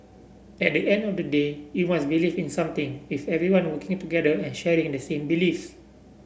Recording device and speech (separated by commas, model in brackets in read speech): boundary microphone (BM630), read sentence